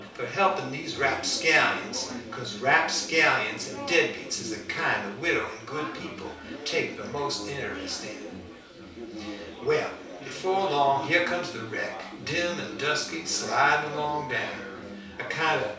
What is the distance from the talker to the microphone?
3.0 m.